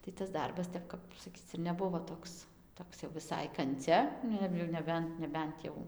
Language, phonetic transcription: Lithuanian, tai tas ˈdarbas ˈtep kap saˈkyc ir neˈbuvo ˈtoks ˈtoks jau viˈsai kanˈcia ˈnu ir jau neˈbent neˈbent jau

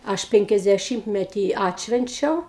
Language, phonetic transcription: Lithuanian, ˈaš ˌpenkiasdeˈšimtmetį ˈatšvenčiau

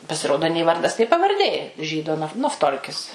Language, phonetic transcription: Lithuanian, pasiˈrodo nė ˈvardas nė pavarˈdė ˈžydo naf nafˈtolkis

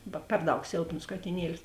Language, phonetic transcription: Lithuanian, ˈba ˈper ˌdaug ˈsėlpnos katiˈnielis

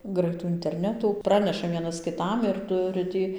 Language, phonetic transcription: Lithuanian, ˈgraitų interˈnetų ˈpraneša ˈvienas kiˈtam ir ˈturi ˈtį

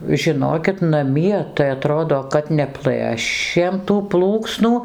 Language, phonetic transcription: Lithuanian, žiˈnokit naˈmie tai aˈtrodo kad neˈplɘšėm tų ˈplūksnų

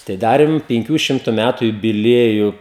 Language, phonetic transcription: Lithuanian, tai ˈdarim pinˈkių ˈšimtu ˈmætu jubiˈlieju

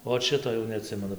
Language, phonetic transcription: Lithuanian, ˈot ˈšito jau neaˈtsimenu

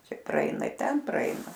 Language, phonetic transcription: Lithuanian, ˈčia praˈeina i ˈten praˈeina

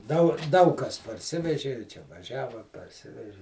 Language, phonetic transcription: Lithuanian, dau ˈdaug ˈkas parˈsiveži i ˈčia vaˈžiava parˈsiveži

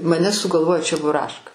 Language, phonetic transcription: Lithuanian, maˈne sugalˈvojo čebuˈraška

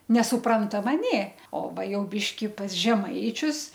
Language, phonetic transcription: Lithuanian, nesuˈprantama ˈnė o ˈva ˈjau ˈbiški pas ˈžemaičius

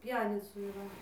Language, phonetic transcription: Lithuanian, ˈpjenicų yˈra

